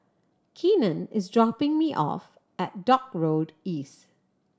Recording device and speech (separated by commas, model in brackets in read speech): standing microphone (AKG C214), read sentence